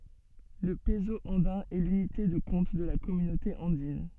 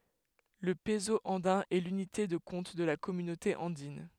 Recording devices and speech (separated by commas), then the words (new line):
soft in-ear microphone, headset microphone, read sentence
Le peso andin est l'unité de compte de la Communauté andine.